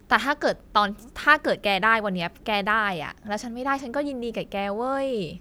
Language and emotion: Thai, frustrated